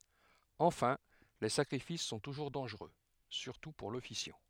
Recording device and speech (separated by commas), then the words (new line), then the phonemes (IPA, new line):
headset microphone, read sentence
Enfin, les sacrifices sont toujours dangereux, surtout pour l'officiant.
ɑ̃fɛ̃ le sakʁifis sɔ̃ tuʒuʁ dɑ̃ʒʁø syʁtu puʁ lɔfisjɑ̃